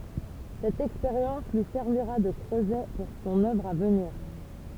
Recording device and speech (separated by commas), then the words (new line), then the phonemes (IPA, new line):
temple vibration pickup, read sentence
Cette expérience lui servira de creuset pour son œuvre à venir.
sɛt ɛkspeʁjɑ̃s lyi sɛʁviʁa də kʁøzɛ puʁ sɔ̃n œvʁ a vəniʁ